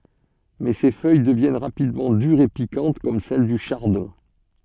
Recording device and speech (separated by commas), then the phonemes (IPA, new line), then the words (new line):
soft in-ear microphone, read sentence
mɛ se fœj dəvjɛn ʁapidmɑ̃ dyʁz e pikɑ̃t kɔm sɛl dy ʃaʁdɔ̃
Mais ces feuilles deviennent rapidement dures et piquantes comme celles du chardon.